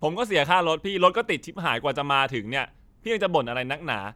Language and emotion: Thai, frustrated